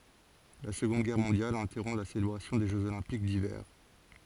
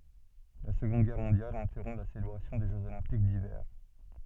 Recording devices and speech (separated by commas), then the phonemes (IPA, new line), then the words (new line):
forehead accelerometer, soft in-ear microphone, read sentence
la səɡɔ̃d ɡɛʁ mɔ̃djal ɛ̃tɛʁɔ̃ la selebʁasjɔ̃ de ʒøz olɛ̃pik divɛʁ
La Seconde Guerre mondiale interrompt la célébration des Jeux olympiques d'hiver.